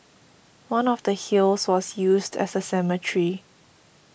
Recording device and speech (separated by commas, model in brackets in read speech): boundary microphone (BM630), read sentence